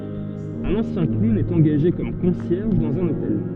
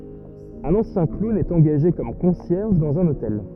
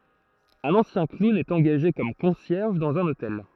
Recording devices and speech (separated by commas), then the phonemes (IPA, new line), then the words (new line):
soft in-ear microphone, rigid in-ear microphone, throat microphone, read sentence
œ̃n ɑ̃sjɛ̃ klun ɛt ɑ̃ɡaʒe kɔm kɔ̃sjɛʁʒ dɑ̃z œ̃n otɛl
Un ancien clown est engagé comme concierge dans un hôtel.